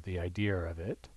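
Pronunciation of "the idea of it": In 'the idea of it', an intrusive R is heard: an r sound is inserted after 'idea', before the vowel of 'of'.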